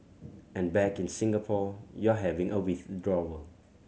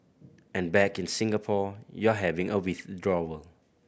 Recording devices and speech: mobile phone (Samsung C7100), boundary microphone (BM630), read sentence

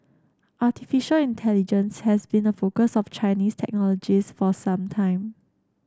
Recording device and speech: standing microphone (AKG C214), read sentence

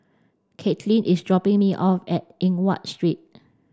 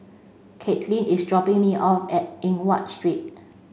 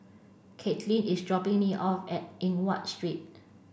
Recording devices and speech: standing microphone (AKG C214), mobile phone (Samsung C5), boundary microphone (BM630), read sentence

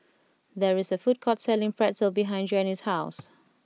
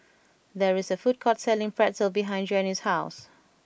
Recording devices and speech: mobile phone (iPhone 6), boundary microphone (BM630), read sentence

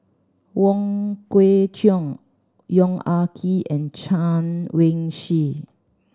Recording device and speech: standing microphone (AKG C214), read sentence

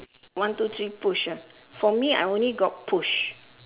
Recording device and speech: telephone, conversation in separate rooms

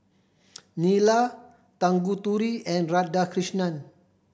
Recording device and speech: boundary microphone (BM630), read sentence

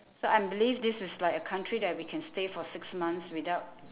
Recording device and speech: telephone, conversation in separate rooms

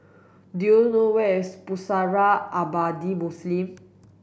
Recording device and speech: boundary microphone (BM630), read sentence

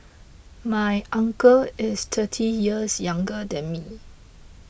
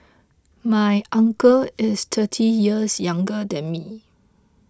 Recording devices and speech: boundary microphone (BM630), close-talking microphone (WH20), read sentence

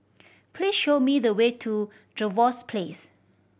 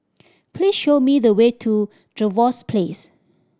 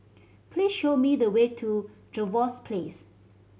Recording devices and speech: boundary microphone (BM630), standing microphone (AKG C214), mobile phone (Samsung C7100), read sentence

